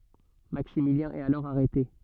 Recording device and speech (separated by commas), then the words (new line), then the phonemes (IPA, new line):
soft in-ear microphone, read sentence
Maximilien est alors arrêté.
maksimiljɛ̃ ɛt alɔʁ aʁɛte